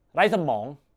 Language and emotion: Thai, angry